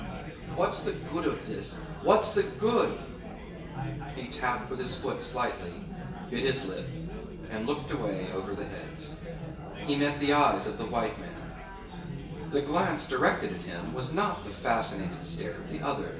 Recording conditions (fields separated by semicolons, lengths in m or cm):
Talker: one person; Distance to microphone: 1.8 m; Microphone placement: close; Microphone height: 1.0 m; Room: large; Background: babble